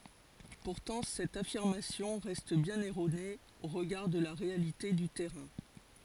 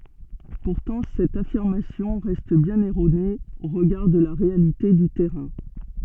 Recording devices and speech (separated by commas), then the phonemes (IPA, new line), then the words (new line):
forehead accelerometer, soft in-ear microphone, read sentence
puʁtɑ̃ sɛt afiʁmasjɔ̃ ʁɛst bjɛ̃n ɛʁone o ʁəɡaʁ də la ʁealite dy tɛʁɛ̃
Pourtant cette affirmation reste bien erronée au regard de la réalité du terrain.